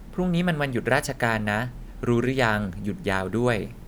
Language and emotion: Thai, neutral